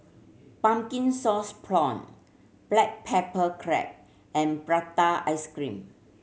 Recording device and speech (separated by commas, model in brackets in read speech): mobile phone (Samsung C7100), read sentence